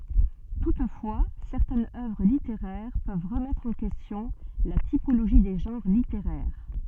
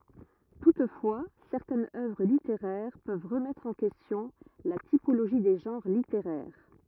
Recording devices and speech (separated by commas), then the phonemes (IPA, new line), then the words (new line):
soft in-ear microphone, rigid in-ear microphone, read sentence
tutfwa sɛʁtɛnz œvʁ liteʁɛʁ pøv ʁəmɛtʁ ɑ̃ kɛstjɔ̃ la tipoloʒi de ʒɑ̃ʁ liteʁɛʁ
Toutefois, certaines œuvres littéraires peuvent remettre en question la typologie des genres littéraires.